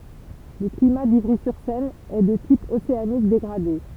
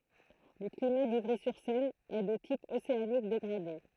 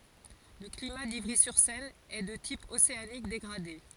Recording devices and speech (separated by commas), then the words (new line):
temple vibration pickup, throat microphone, forehead accelerometer, read sentence
Le climat d'Ivry-sur-Seine est de type océanique dégradé.